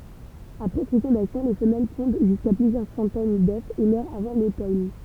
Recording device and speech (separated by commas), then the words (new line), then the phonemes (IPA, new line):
temple vibration pickup, read sentence
Après fécondation, les femelles pondent jusqu'à plusieurs centaines d'œufs et meurent avant l'automne.
apʁɛ fekɔ̃dasjɔ̃ le fəmɛl pɔ̃d ʒyska plyzjœʁ sɑ̃tɛn dø e mœʁt avɑ̃ lotɔn